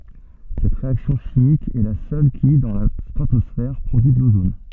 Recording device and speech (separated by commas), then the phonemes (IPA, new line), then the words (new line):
soft in-ear microphone, read sentence
sɛt ʁeaksjɔ̃ ʃimik ɛ la sœl ki dɑ̃ la stʁatɔsfɛʁ pʁodyi də lozon
Cette réaction chimique est la seule qui, dans la stratosphère, produit de l'ozone.